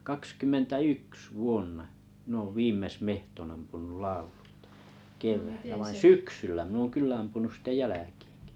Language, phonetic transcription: Finnish, 'kaks kymmentä "yks 'vuonna , mⁱn ‿oov "viimmes 'mehtonn ‿ampunul "lauʟᴜʟtᴀ , 'kev̀äillä vain "syksyllä 'min ‿oon 'kyllä ampunus sit(te) "jä läkɪɪᴎkɪ .
- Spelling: kaksikymmentä yksi vuonna minä olen viimeksi metson ampunut laululta keväällä vaan syksyllä minä olen kyllä ampunut sitten jälkiinkin

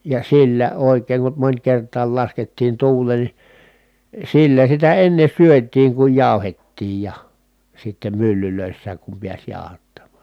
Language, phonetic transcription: Finnish, ja sillä òi̮k̆keeŋ kum mońkert̀aal laskettiin tuul̆leen ni , sillä sitä enne syöt̀iiŋ kuj jàu̬hettiij ja , sittem myllylö̀issääk kum piäs jàohattammàn̬ .
- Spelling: ja sillä oikein kun monikertaan laskettiin tuuleen niin sillä sitä ennen syötiin kun jauhettiin ja sitten myllyissä kun pääsi jauhattamaan

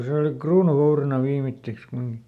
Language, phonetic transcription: Finnish, ˈse oli "kruunuˈvourina ˈviimitteks kumiŋkⁱ .
- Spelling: se oli kruununvoutina viimeiseksi kumminkin

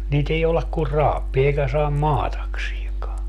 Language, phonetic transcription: Finnish, niit ‿ei joulak kur "raappii 'eikä saam "maataksieŋkaa .
- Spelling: niitä ei jouda kuin raapimaan eikä saa maatakseenkaan

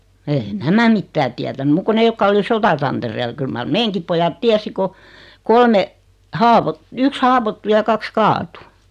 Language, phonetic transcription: Finnish, eei̬ "nämä mittää 'tiätäny 'muk ko 'ne jokka oli 'sotatanterel 'kyl mar "meeŋkip pojat "tiäsi ko , 'kolme , 'haavot- , 'yks "haawottu ja 'kaks "kaatu .
- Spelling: ei nämä mitään tiennyt muuta kuin ne jotka oli sotatantereella kyllä mar meidänkin pojat tiesi kun kolme - yksi haavoittui ja kaksi kaatui

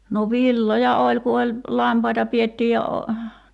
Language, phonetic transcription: Finnish, no 'villoja "oĺ ku oĺ , "lampaita 'piettiij ja o- ,.
- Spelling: no villoja oli kun oli lampaita pidettiin ja -

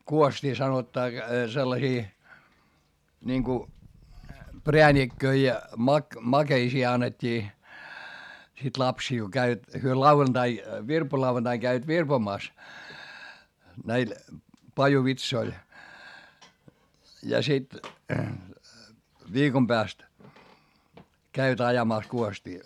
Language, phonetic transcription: Finnish, kuost́ii sanottaa sellasii , niŋku , preänikköi ja , mak- , makeisii annet́t́ii , sit lapsìl ko käivät , hyö lauvantai , virpolauvantaiŋ käivät virpomàs , näil , pajuvitsoil , ja sit , viikom pääst , käivät ajamàs kuostii .
- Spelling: kuostia sanotaan sellaisia niin kun prääniköitä ja - makeisia annettiin sitten lapsille kun kävivät he lauantai virpolauvantaina kävivät virpomassa näillä pajuvitsoilla ja sitten viikon päästä kävivät ajamassa kuostia

